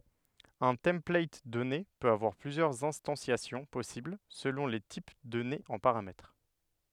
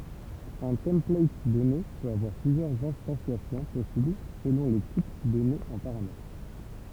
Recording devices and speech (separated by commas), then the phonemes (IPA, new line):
headset microphone, temple vibration pickup, read sentence
œ̃ tɑ̃plat dɔne pøt avwaʁ plyzjœʁz ɛ̃stɑ̃sjasjɔ̃ pɔsibl səlɔ̃ le tip dɔnez ɑ̃ paʁamɛtʁ